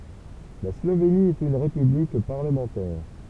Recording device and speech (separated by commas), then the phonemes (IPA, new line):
temple vibration pickup, read sentence
la sloveni ɛt yn ʁepyblik paʁləmɑ̃tɛʁ